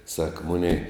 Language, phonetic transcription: Lithuanian, sak ˈmunei

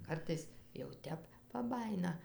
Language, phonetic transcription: Lithuanian, ˈkartais jau ˈtep paˈbajina

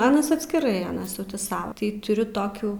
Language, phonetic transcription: Lithuanian, ˈanas atskiˈrai ˈanas jau ti ˈsau tai tuˈriu ˈtokių

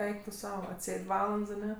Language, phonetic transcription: Lithuanian, ˈeik tu ˈsau atˈsėd' ˈvalands aˈne

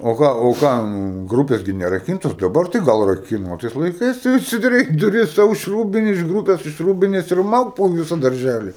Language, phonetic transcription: Lithuanian, o ˈką o ˈką ˈmūm ˈgrupės ˈgi neraˈkyntos daˈbar tai ˈgal raˈkina o ˈtais laiˈkais tai atsidaˈrei duˈris ˈsau iš ˈrūbine iš ˈgrūpes iš ˈrūbinės ir ˈmauk po ˈvysa darˈžæli

